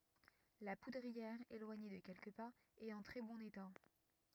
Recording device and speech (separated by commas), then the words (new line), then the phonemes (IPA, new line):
rigid in-ear microphone, read sentence
La poudrière, éloignée de quelques pas, est en très bon état.
la pudʁiɛʁ elwaɲe də kɛlkə paz ɛt ɑ̃ tʁɛ bɔ̃n eta